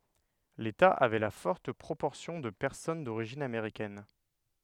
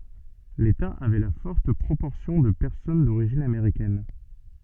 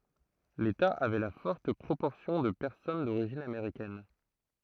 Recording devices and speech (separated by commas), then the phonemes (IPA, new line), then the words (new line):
headset microphone, soft in-ear microphone, throat microphone, read sentence
leta avɛ la fɔʁt pʁopɔʁsjɔ̃ də pɛʁsɔn doʁiʒin ameʁikɛn
L'État avait la forte proportion de personnes d'origine américaine.